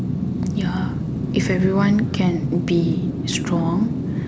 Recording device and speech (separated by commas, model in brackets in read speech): standing microphone, conversation in separate rooms